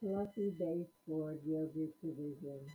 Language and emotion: English, happy